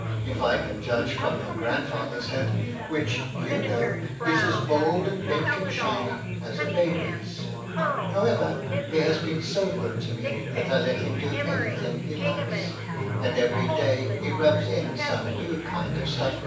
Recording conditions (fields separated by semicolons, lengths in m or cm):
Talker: one person; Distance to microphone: 9.8 m; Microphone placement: far; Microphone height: 1.8 m; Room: large; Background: babble